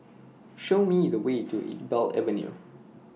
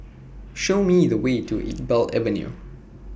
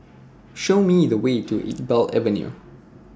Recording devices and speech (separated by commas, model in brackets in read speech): mobile phone (iPhone 6), boundary microphone (BM630), standing microphone (AKG C214), read sentence